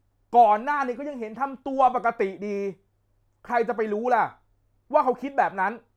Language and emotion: Thai, angry